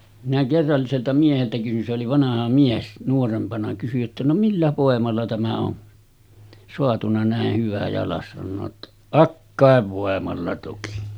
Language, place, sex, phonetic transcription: Finnish, Sotkamo, male, minä 'kerralliselta mieheltä kysyn se oli 'vanaha mies , nuorempana kysyj jotta » no "millä 'vòemalla tämä on , soatuna 'nä̀eh hyvä jalas « sannoo ‿ttᴀ , » "akkàev 'vòemalla toki « .
- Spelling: minä kerralliselta mieheltä kysyin se oli vanha mies nuorempana kysyin jotta no millä voimalla tämä on saatu näin hyvä jalas sanoo jotta akkojen voimalla toki

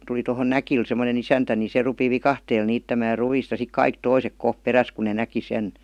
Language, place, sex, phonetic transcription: Finnish, Vihti, female, tuli tohon "Näkil sem°nen "isäntä ni 'se rupi "vikahteel 'niittämää 'ru₍ìst ja 'sik "kaik 'toisek "koh 'peräs ku ne "näki 'sen .
- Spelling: tuli tuohon Näkille semmoinen isäntä niin se rupesi viikatteella niittämään ruista ja sitten kaikki toiset kohta perässä kun ne näki sen

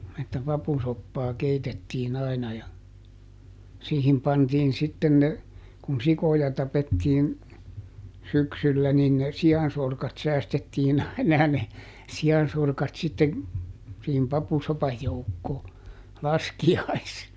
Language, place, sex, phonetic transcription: Finnish, Juupajoki, male, että ˈpapusoppaa ˈkeitettiiˈn ‿aina ja , ˈsiihim ˈpantiin sitten ne , kun "sikoja ˈtapettiin , ˈsyksyllä nin ne "si₍ansorkat ˈsäästettiin ‿aina ja ne , ˈsi₍ansorkat sitten̬ , siihim "papusopaj ˈjoukkoo , "laski₍ais- .
- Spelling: että papusoppaa keitettiin aina ja siihen pantiin sitten ne kun sikoja tapettiin syksyllä niin ne siansorkat säästettiin aina ja ne siansorkat sitten siihen papusopan joukkoon -

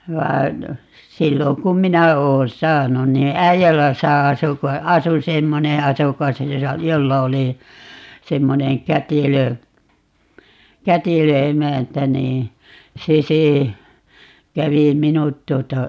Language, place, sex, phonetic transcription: Finnish, Paavola, female, 'vai̮n , 'silloŋ kum "minä 'oon "saanun nii 'Äijäläsä 'asu ko , "asu 'semmone 'asukas , 'josa , "jolla oli , 'semmoneŋ "kätilö , "kätilö 'emäntä nii , 'se se , 'kävi "minut 'tuota , .
- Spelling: vaan silloin kun minä olen saanut niin Äijälässä asui kun asui semmoinen asukas jossa jolla oli semmoinen kätilö kätilö emäntä niin se se kävi minut tuota

